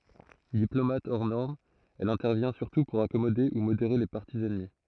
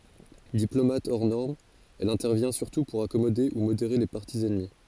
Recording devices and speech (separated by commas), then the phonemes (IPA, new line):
throat microphone, forehead accelerometer, read sentence
diplomat ɔʁ nɔʁm ɛl ɛ̃tɛʁvjɛ̃ syʁtu puʁ akɔmode u modeʁe le paʁti ɛnmi